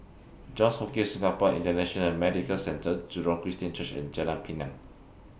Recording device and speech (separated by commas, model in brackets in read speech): boundary microphone (BM630), read sentence